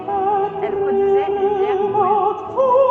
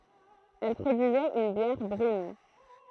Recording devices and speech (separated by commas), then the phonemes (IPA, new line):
soft in-ear microphone, throat microphone, read sentence
ɛl pʁodyizɛt yn bjɛʁ bʁyn